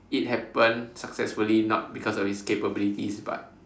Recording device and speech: standing microphone, conversation in separate rooms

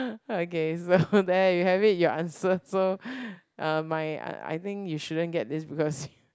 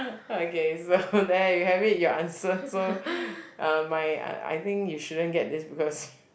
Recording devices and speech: close-talking microphone, boundary microphone, conversation in the same room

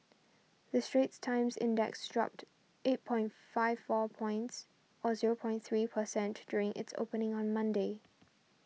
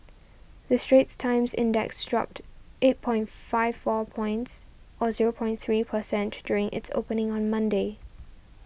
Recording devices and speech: mobile phone (iPhone 6), boundary microphone (BM630), read sentence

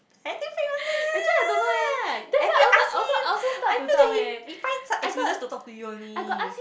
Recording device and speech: boundary microphone, conversation in the same room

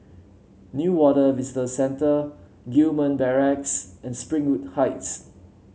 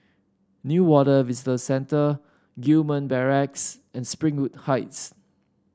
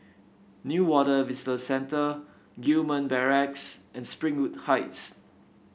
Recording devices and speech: mobile phone (Samsung C7), standing microphone (AKG C214), boundary microphone (BM630), read sentence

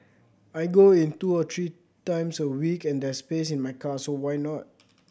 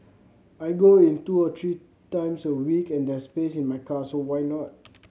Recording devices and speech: boundary microphone (BM630), mobile phone (Samsung C7100), read sentence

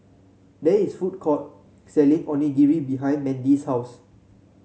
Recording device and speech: mobile phone (Samsung C7), read sentence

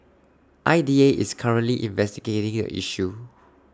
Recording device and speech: standing microphone (AKG C214), read sentence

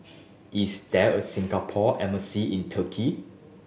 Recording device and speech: mobile phone (Samsung S8), read sentence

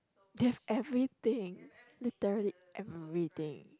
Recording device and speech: close-talking microphone, conversation in the same room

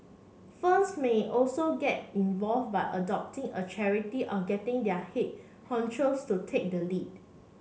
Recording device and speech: mobile phone (Samsung C7), read sentence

